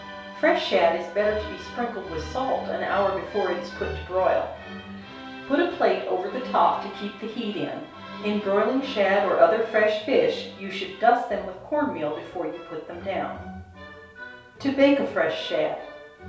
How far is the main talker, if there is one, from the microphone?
3.0 m.